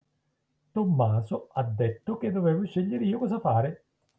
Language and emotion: Italian, angry